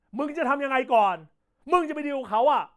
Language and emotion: Thai, angry